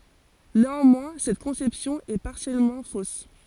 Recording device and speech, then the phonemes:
forehead accelerometer, read sentence
neɑ̃mwɛ̃ sɛt kɔ̃sɛpsjɔ̃ ɛ paʁsjɛlmɑ̃ fos

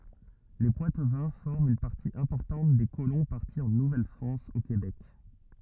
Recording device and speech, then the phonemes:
rigid in-ear microphone, read sentence
le pwatvɛ̃ fɔʁmt yn paʁti ɛ̃pɔʁtɑ̃t de kolɔ̃ paʁti ɑ̃ nuvɛlfʁɑ̃s o kebɛk

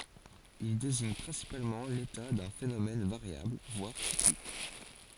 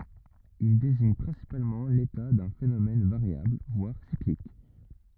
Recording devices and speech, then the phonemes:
forehead accelerometer, rigid in-ear microphone, read sentence
il deziɲ pʁɛ̃sipalmɑ̃ leta dœ̃ fenomɛn vaʁjabl vwaʁ siklik

